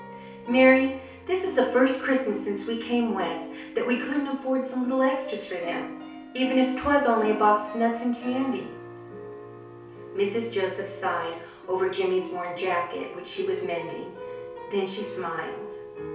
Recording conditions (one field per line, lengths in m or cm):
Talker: one person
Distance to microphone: 3.0 m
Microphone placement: far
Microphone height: 1.8 m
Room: small (3.7 m by 2.7 m)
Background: music